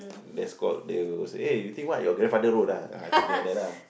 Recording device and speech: boundary microphone, conversation in the same room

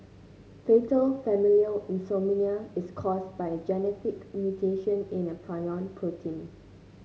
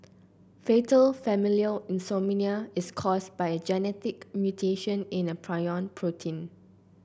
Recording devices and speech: mobile phone (Samsung C9), boundary microphone (BM630), read sentence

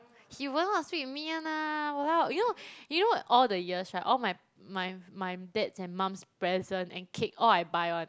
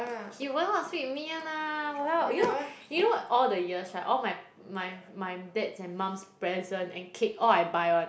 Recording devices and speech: close-talking microphone, boundary microphone, conversation in the same room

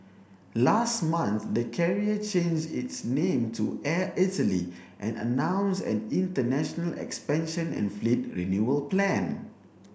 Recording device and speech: boundary microphone (BM630), read sentence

